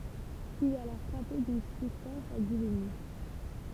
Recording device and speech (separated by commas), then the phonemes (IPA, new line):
temple vibration pickup, read sentence
il ɛt alɔʁ fʁape dyn syspɛns a divini